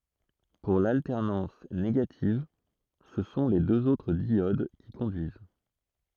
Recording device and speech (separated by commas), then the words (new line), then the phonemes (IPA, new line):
throat microphone, read sentence
Pour l'alternance négative, ce sont les deux autres diodes qui conduisent.
puʁ laltɛʁnɑ̃s neɡativ sə sɔ̃ le døz otʁ djod ki kɔ̃dyiz